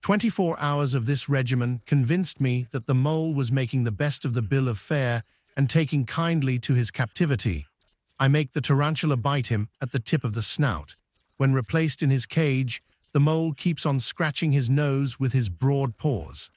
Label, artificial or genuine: artificial